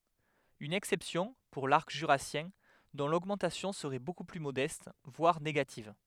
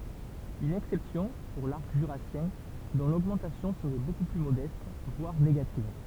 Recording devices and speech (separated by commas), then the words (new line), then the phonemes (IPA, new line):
headset microphone, temple vibration pickup, read sentence
Une exception pour l’arc jurassien, dont l'augmentation serait beaucoup plus modeste, voire négative.
yn ɛksɛpsjɔ̃ puʁ laʁk ʒyʁasjɛ̃ dɔ̃ loɡmɑ̃tasjɔ̃ səʁɛ boku ply modɛst vwaʁ neɡativ